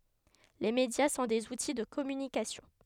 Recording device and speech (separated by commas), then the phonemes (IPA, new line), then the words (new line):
headset microphone, read sentence
le medja sɔ̃ dez uti də kɔmynikasjɔ̃
Les médias sont des outils de communication.